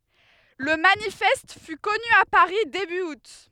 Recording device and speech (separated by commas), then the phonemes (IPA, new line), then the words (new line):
headset microphone, read sentence
lə manifɛst fy kɔny a paʁi deby ut
Le manifeste fut connu à Paris début août.